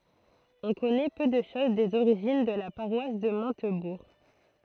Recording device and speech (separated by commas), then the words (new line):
throat microphone, read sentence
On connaît peu de choses des origines de la paroisse de Montebourg.